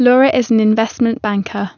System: none